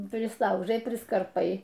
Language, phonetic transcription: Lithuanian, prisˈlaužai priskarˈpai

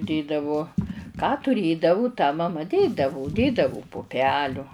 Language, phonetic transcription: Lithuanian, ˈdėdavu ką tuˈrėdavu tą maˈma ˈdėdavu ˈdėdavu puˈpeliu

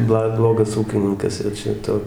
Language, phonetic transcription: Lithuanian, ˈbla ˈblogas ˈūkininkas jau ˈčia ˈtu

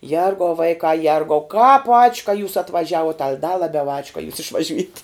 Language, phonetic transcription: Lithuanian, ˈjergau ˈvaikā ˈjergau kāp ač' ka jūs atvaˈžiavuot al' da laˈbiau ač' ka jūs išvaˈžiujat'

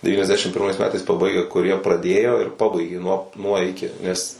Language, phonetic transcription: Lithuanian, devyniasˈdešim pirˈmais ˈmetais paˈbaigę kuˈrie praˈdėjo ir ˈpabaigė nuo nuo ˈiki nes

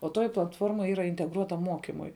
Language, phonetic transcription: Lithuanian, o ˈtoji platˈforma ˈyra integˈruotam ˈmokimui

